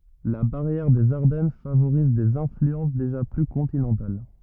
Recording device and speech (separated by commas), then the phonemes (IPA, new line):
rigid in-ear microphone, read sentence
la baʁjɛʁ dez aʁdɛn favoʁiz dez ɛ̃flyɑ̃s deʒa ply kɔ̃tinɑ̃tal